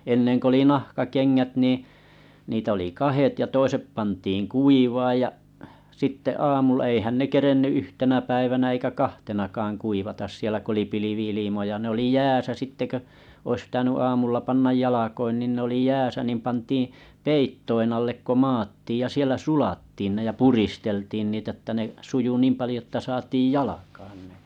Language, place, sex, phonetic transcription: Finnish, Kalajoki, male, enneŋ k ‿oli 'nahka'keŋŋät niiⁱ̰ , niitᵃ̈ ‿oli 'kahet ja 'toisep pantiiŋ 'kuivaaj ja’ , sitte 'aamulla eihän ne 'kerenny 'yhtenä päivänä eikä 'kahtenakaaŋ 'kuivatas sielä ku oli 'pilivi₍ilimoja ne ‿oli "jääsä 'sitte kö , ois ᵖⁱtäny 'aamulla 'pannaj 'jalakoin nin ne oli "jääsä nim pantii , "peittoin 'allek ko 'maattiij ja 'sielä "sulattiin ne ja "puristeltiin niitä ᵉttä ne , suju 'niim palⁱjo että 'saatiij "jalakaan nᴇ .
- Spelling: ennen kun oli nahkakengät niin niitä oli kahdet ja toiset pantiin kuivamaan ja sitten aamulla eihän ne kerinnyt yhtenä päivänä eikä kahtenakaan kuivata siellä kun oli pilvi-ilmoja ne oli jäässä sitten kun olisi pitänyt aamulla panna jalkoihin niin ne oli jäässä niin pantiin peittojen alle kun maattiin ja siellä sulattiin ne ja puristeltiin niitä että ne sujui niin paljon että saatiin jalkaan ne

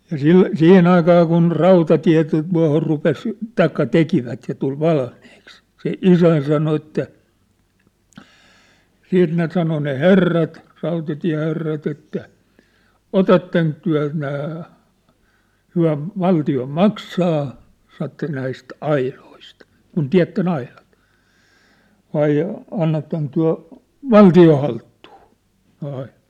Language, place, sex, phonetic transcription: Finnish, Sippola, male, 'siihen ‿aikaa kun , "rautatiä̭ tu- , tuahor 'rupes , "taikka 'tekivät ja tul 'valmiiks , se "isän sano että , 'siit ne 'sano ne "herrat , rautatiä̭herrat ‿että , » "otatteŋk tyä̭ nää , 'hyä̭ , 'valti₍o "maksaa « , saⁿ̭ ‿että » näist "ailoist , kun 'tiä̭tten ‿aiʟᴀt , 'vai , 'annatteŋk tyä̭ , "valti₍oṋ halttuu , ne ai(ʟᴀt) ? «
- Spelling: siihen aikaan kun rautatie - tuohon rupesi tai tekivät ja tuli valmiiksi se isäni sanoi että sitten ne sanoi ne herrat rautatieherrat että otatteko te nämä he valtio maksaa sanoi että näistä aidoista kun tiedätte aidat vai annatteko te valtion haltuun ne aidat

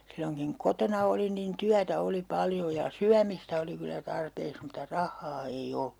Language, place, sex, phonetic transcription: Finnish, Urjala, female, silloŋkiŋ (ku) 'kotona olin nin "tyätä 'oli 'paljo ja , "syämistä 'oli kylä 'tarpeeks muta "rahhaa ei "o(llu) .
- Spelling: silloinkin kun kotona olin niin työtä oli paljon ja syömistä oli kyllä tarpeeksi mutta rahaa ei ollut

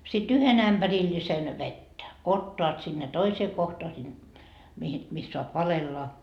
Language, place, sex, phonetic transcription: Finnish, Markkova, female, si't ‿yhen ‿ämBärillisen , "vettä , 'ottoat sinne 'toisee kohtoa sin , mihin , mis 'soap "valella .
- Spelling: sitten yhden ämpärillisen vettä ottavat sinne toiseen kohtaan sinne mihin missä saa valella

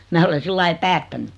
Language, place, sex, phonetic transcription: Finnish, Noormarkku, female, 'mää ole 'sillai "päättäny .
- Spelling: minä olen sillä lailla päättänyt

